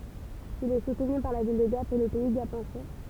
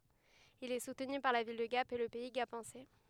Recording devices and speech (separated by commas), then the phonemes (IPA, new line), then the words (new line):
temple vibration pickup, headset microphone, read sentence
il ɛ sutny paʁ la vil də ɡap e lə pɛi ɡapɑ̃sɛ
Il est soutenu par la ville de Gap et le Pays gapençais.